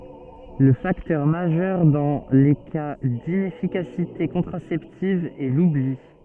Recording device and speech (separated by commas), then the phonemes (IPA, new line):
soft in-ear microphone, read sentence
lə faktœʁ maʒœʁ dɑ̃ le ka dinɛfikasite kɔ̃tʁasɛptiv ɛ lubli